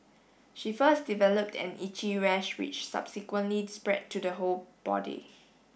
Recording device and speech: boundary microphone (BM630), read sentence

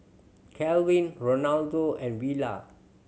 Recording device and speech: mobile phone (Samsung C7100), read sentence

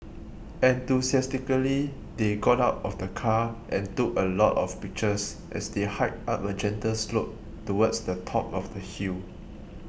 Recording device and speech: boundary microphone (BM630), read sentence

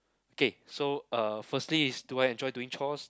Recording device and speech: close-talking microphone, conversation in the same room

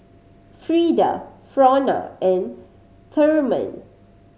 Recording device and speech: mobile phone (Samsung C5010), read sentence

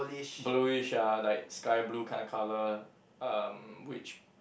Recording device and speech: boundary microphone, conversation in the same room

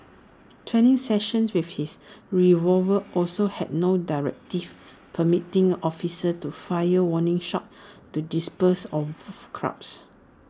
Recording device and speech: standing microphone (AKG C214), read sentence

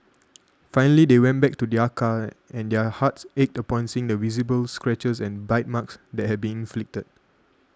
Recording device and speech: standing microphone (AKG C214), read sentence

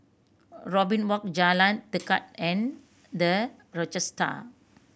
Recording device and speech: boundary microphone (BM630), read sentence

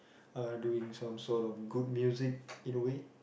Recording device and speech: boundary microphone, conversation in the same room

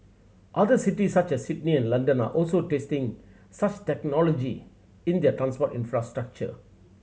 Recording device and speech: mobile phone (Samsung C7100), read sentence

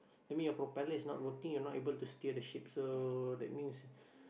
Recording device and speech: boundary microphone, conversation in the same room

